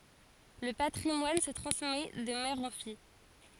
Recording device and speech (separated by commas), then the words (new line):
forehead accelerometer, read sentence
Le patrimoine se transmet de mère en fille.